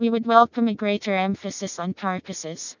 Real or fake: fake